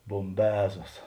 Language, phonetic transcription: Lithuanian, bomˈbezos

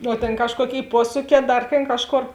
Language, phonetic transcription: Lithuanian, o ˈtėn ˈkažkuoˌkėi ˈpuosūˌkē ˈdar tėn ˈkažˌkor

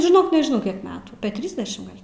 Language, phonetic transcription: Lithuanian, žiˈnok nežiˈnau kiek ˈmetų apė ˈtrysdešim ˈgal'

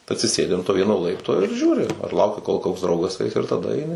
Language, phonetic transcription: Lithuanian, atsiˈsėdi an to ˈvieno ˈlaipto ir ˈžiūri ar ˈlauki kol koks ˈdraugas ˈais ir taˈda aiˈni

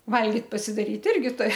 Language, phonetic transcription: Lithuanian, ˈvalgit pasidaˈryt ˈirgi ˈturi

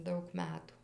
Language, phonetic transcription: Lithuanian, ˈdaug ˈmetų

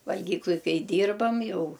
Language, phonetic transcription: Lithuanian, valˈgykluj ˈkai ˈdyrbam ˈjau

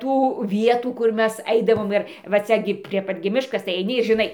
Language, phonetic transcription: Lithuanian, ˈtų ˈvietų kur ˈmes ˈaidavom ˈir va ˈcia gi prie ˈpat gi ˈmiškas tai aiˈni ir žiˈnai

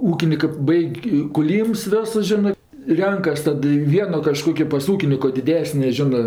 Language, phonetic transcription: Lithuanian, ˈūkinikɜ ˈbaig' kuˈlyms ˈviosus ˈžinɜ ˈrenkas ˈtad i ˈvieno kaˈžkokio pas ˈūkiniko diˈdesnė ˈžinɜ

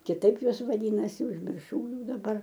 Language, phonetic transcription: Lithuanian, kiˈtaip ˈjuos vaˈdynasi užmirˈšau ˈjau daˈbar

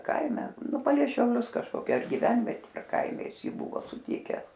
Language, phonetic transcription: Lithuanian, ˈkaime ˈnu palei šiauˈlius kažkoˈkia ar giˈvenvetė ar ˈkaime ˈjis ˈjį ˈbuvo suˈtikes

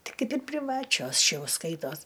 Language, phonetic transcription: Lithuanian, ˈtai ˈkaip ir priˈvačios ˈšia ˈjau ˈskaitos

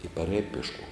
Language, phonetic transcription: Lithuanian, i paˈrēj piešˈkuom

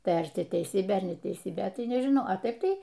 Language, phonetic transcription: Lithuanian, ˈtai ar ˈti teiˈsybė ar neteiˈsybė ˈtai nežiˈnau a ˈtaip ˈtai

